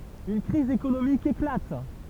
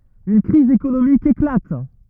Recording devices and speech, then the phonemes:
temple vibration pickup, rigid in-ear microphone, read sentence
yn kʁiz ekonomik eklat

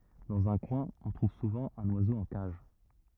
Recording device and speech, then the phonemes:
rigid in-ear microphone, read sentence
dɑ̃z œ̃ kwɛ̃ ɔ̃ tʁuv suvɑ̃ œ̃n wazo ɑ̃ kaʒ

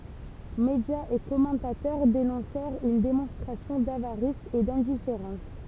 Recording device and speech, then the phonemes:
temple vibration pickup, read sentence
medjaz e kɔmɑ̃tatœʁ denɔ̃sɛʁt yn demɔ̃stʁasjɔ̃ davaʁis e dɛ̃difeʁɑ̃s

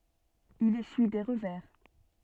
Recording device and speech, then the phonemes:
soft in-ear microphone, read sentence
il esyi de ʁəvɛʁ

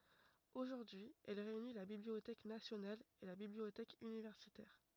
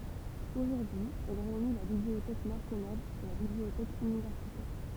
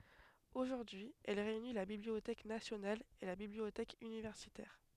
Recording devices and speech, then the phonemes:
rigid in-ear microphone, temple vibration pickup, headset microphone, read sentence
oʒuʁdyi ɛl ʁeyni la bibliotɛk nasjonal e la bibliotɛk ynivɛʁsitɛʁ

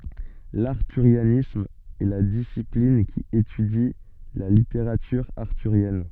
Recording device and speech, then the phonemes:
soft in-ear microphone, read sentence
laʁtyʁjanism ɛ la disiplin ki etydi la liteʁatyʁ aʁtyʁjɛn

